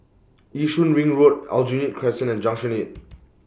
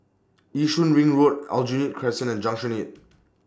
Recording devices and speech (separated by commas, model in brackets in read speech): boundary microphone (BM630), standing microphone (AKG C214), read sentence